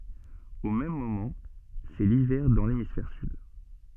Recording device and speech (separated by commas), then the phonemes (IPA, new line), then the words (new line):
soft in-ear microphone, read sentence
o mɛm momɑ̃ sɛ livɛʁ dɑ̃ lemisfɛʁ syd
Au même moment, c'est l'hiver dans l'hémisphère sud.